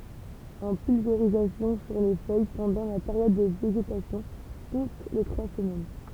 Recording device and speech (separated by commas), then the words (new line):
temple vibration pickup, read sentence
En pulvérisation sur les feuilles pendant la période de végétation, toutes les trois semaines.